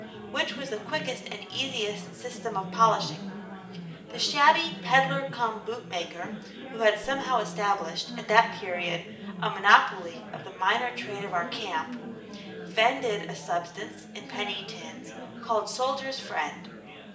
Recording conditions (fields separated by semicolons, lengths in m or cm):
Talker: one person; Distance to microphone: 1.8 m; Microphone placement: close; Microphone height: 1.0 m; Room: large; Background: babble